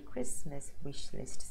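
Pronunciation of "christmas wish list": The three words of 'Christmas wish list' are said separately and are not linked together.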